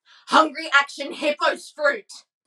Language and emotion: English, angry